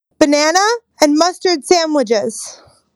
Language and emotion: English, fearful